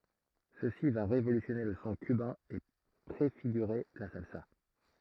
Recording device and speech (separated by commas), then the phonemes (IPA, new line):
throat microphone, read sentence
səsi va ʁevolysjɔne lə sɔ̃ kybɛ̃ e pʁefiɡyʁe la salsa